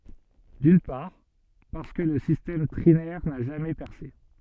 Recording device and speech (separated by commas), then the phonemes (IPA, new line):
soft in-ear microphone, read sentence
dyn paʁ paʁskə lə sistɛm tʁinɛʁ na ʒamɛ pɛʁse